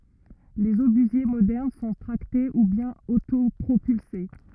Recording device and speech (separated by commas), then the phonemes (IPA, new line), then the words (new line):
rigid in-ear microphone, read sentence
lez obyzje modɛʁn sɔ̃ tʁakte u bjɛ̃n otopʁopylse
Les obusiers modernes sont tractés ou bien autopropulsés.